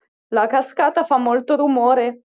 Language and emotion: Italian, fearful